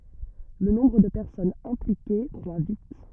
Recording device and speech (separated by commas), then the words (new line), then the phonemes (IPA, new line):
rigid in-ear microphone, read sentence
Le nombre de personnes impliquées croît vite.
lə nɔ̃bʁ də pɛʁsɔnz ɛ̃plike kʁwa vit